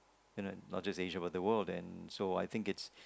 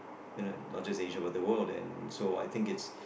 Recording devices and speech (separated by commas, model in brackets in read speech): close-talking microphone, boundary microphone, conversation in the same room